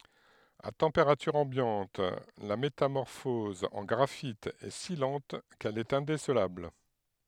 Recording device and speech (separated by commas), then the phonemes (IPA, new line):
headset microphone, read sentence
a tɑ̃peʁatyʁ ɑ̃bjɑ̃t la metamɔʁfɔz ɑ̃ ɡʁafit ɛ si lɑ̃t kɛl ɛt ɛ̃desəlabl